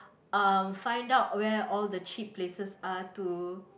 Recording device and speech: boundary microphone, conversation in the same room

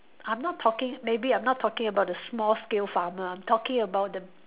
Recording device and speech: telephone, conversation in separate rooms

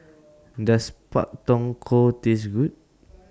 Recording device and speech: standing microphone (AKG C214), read sentence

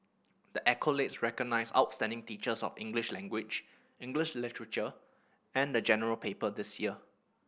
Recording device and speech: boundary microphone (BM630), read sentence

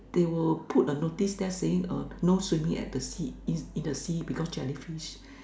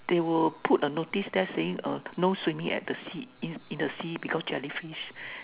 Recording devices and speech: standing microphone, telephone, conversation in separate rooms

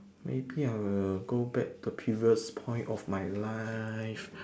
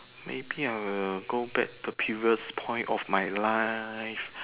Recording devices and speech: standing microphone, telephone, conversation in separate rooms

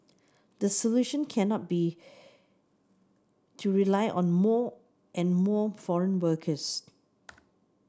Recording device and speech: standing microphone (AKG C214), read sentence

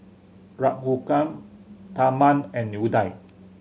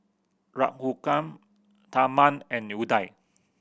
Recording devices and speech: mobile phone (Samsung C7100), boundary microphone (BM630), read sentence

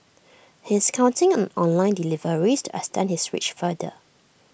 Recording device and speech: boundary microphone (BM630), read sentence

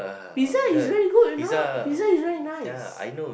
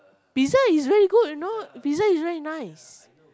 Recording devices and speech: boundary microphone, close-talking microphone, conversation in the same room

